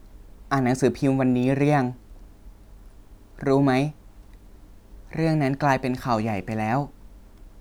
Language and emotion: Thai, neutral